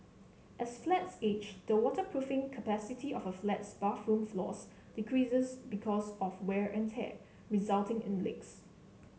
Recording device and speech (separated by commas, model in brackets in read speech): mobile phone (Samsung C7), read sentence